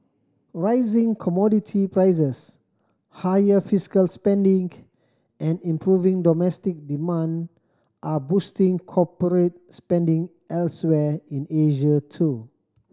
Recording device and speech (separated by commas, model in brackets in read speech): standing microphone (AKG C214), read sentence